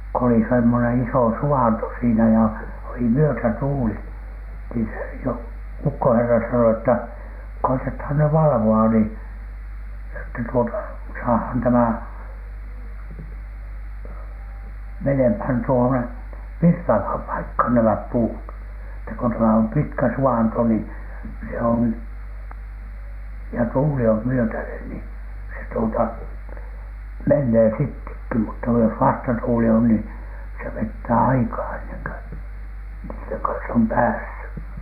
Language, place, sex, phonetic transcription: Finnish, Alatornio, male, ko ‿oli semmonen "isò "su₍anto siinä ja , oli "myötätuuli , nii se Joo- , "ukkoherra sano ‿ttä , » koitethan ny 'valᵃvo₍a ‿ni , että tuota saahaan 'tämä , 'menemhän tuone "virtavham "paikhan 'nämäp 'puut , että k ‿on tämä om 'pitkä 'su₍anto ni , se on , ja tuuli om myötänen ni , se tuota , "mennee sittekki mutta jos 'vastatuuli on nii , se 'vettää 'aikaa enneŋ kö , niitteŋ kans ‿om "päässy « .
- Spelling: kun oli semmoinen iso suvanto siinä ja oli myötätuuli niin se - ukkoherra sanoi että koetetaan nyt valvoa niin että tuota saadaan tämä menemään tuonne virtaavaan paikkaan nämä puut että kun on tämä on pitkä suvanto niin se on ja tuuli on myötäinen niin se tuota menee sittenkin mutta jos vastatuuli on niin se vetää aikaa ennen kuin niiden kanssa on päässyt

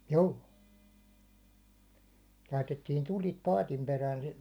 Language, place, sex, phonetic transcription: Finnish, Hollola, male, 'juu- laitettin 'tul̜it 'paatim perään , sit .
- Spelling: - laitettiin tulet paatin perään sitten

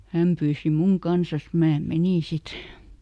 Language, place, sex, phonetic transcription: Finnish, Lieto, female, "häm pyysi ˈmuŋ ˈkansas , ˈmää "menìn ˈsit .
- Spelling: hän pyysi minun kanssa minä menin sitten

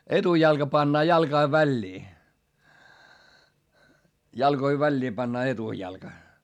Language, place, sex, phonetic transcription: Finnish, Hietamäki, male, etujalka pannaa jalkai väĺĺii , jalkoi väĺĺii pannaa etujalka .
- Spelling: etujalka pannaan jalkojen väliin jalkojen väliin pannaan etujalka

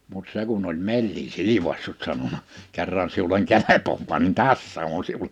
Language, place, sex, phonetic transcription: Finnish, Liperi, male, mut 'se kun ‿oĺ 'me(ll)in 'sili(p)assut sanona : » 'kerran siuleŋ "kelepovvaa nin "tässä on siule . «
- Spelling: mutta se kun oli mellin silpaissut sanonut kerran sinulle kelpaa niin tässä on sinulle

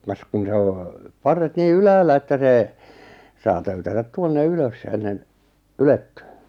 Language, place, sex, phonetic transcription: Finnish, Lappajärvi, male, kas kun 'se o , 'parret 'nii "yläällä että 'see , 'saa töytätät 'tuonne 'ylös ennen , "ylettʏʏ .
- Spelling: kas kun se on parret niin ylhäällä että se saa töytätä tuonne ylös ennen ylettyy

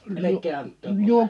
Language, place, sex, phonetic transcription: Finnish, Liperi, male, 'elek̆kee ant̆toom mulle .
- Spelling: älkää antako minulle

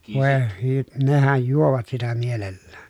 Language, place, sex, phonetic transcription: Finnish, Pielisjärvi, male, vòe hy- , nehäj juovat sitä mielellään .
- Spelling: voi - nehän juovat sitä mielellään

